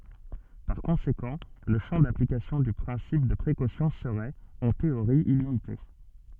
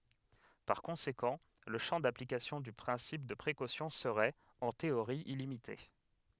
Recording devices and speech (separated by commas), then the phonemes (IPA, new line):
soft in-ear microphone, headset microphone, read sentence
paʁ kɔ̃sekɑ̃ lə ʃɑ̃ daplikasjɔ̃ dy pʁɛ̃sip də pʁekosjɔ̃ səʁɛt ɑ̃ teoʁi ilimite